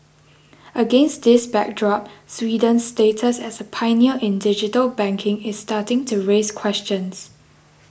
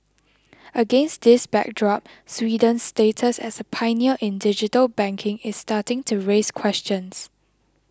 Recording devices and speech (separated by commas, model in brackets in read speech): boundary microphone (BM630), close-talking microphone (WH20), read sentence